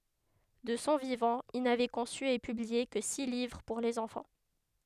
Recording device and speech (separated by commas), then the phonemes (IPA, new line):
headset microphone, read sentence
də sɔ̃ vivɑ̃ il navɛ kɔ̃sy e pyblie kə si livʁ puʁ lez ɑ̃fɑ̃